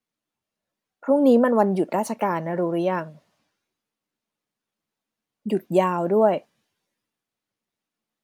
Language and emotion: Thai, neutral